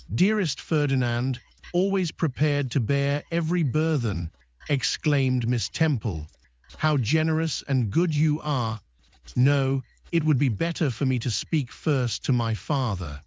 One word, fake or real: fake